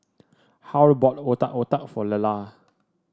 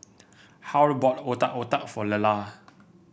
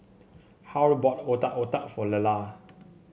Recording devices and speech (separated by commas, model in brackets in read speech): standing microphone (AKG C214), boundary microphone (BM630), mobile phone (Samsung C7), read sentence